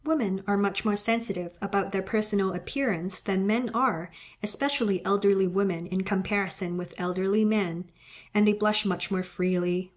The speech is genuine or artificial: genuine